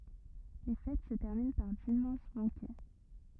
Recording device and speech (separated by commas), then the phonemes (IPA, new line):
rigid in-ear microphone, read sentence
le fɛt sə tɛʁmin paʁ dimmɑ̃s bɑ̃kɛ